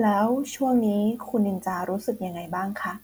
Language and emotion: Thai, neutral